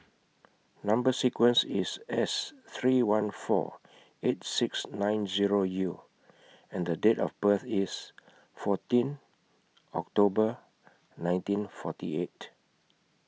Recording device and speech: mobile phone (iPhone 6), read sentence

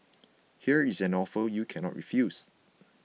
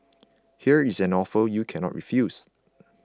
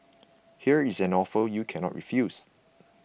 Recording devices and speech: mobile phone (iPhone 6), close-talking microphone (WH20), boundary microphone (BM630), read sentence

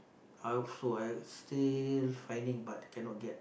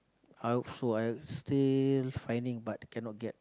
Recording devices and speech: boundary microphone, close-talking microphone, conversation in the same room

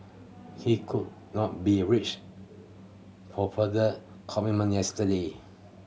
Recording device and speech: mobile phone (Samsung C7100), read sentence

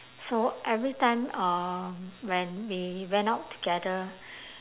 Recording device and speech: telephone, conversation in separate rooms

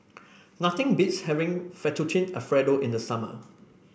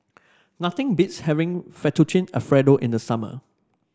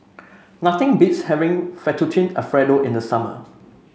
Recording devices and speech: boundary microphone (BM630), standing microphone (AKG C214), mobile phone (Samsung C5), read sentence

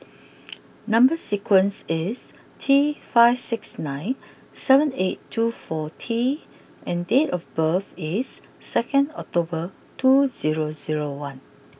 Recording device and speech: boundary microphone (BM630), read sentence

